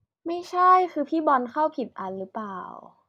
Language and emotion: Thai, neutral